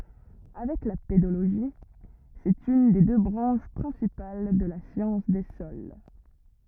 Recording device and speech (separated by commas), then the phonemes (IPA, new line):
rigid in-ear microphone, read sentence
avɛk la pedoloʒi sɛt yn de dø bʁɑ̃ʃ pʁɛ̃sipal də la sjɑ̃s de sɔl